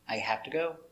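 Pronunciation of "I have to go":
In 'have', the a sound is not so open; it is more closed, as in ordinary conversation.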